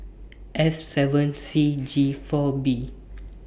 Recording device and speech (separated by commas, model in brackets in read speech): boundary microphone (BM630), read sentence